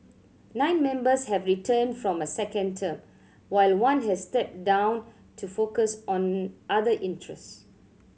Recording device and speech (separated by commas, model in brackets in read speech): mobile phone (Samsung C7100), read sentence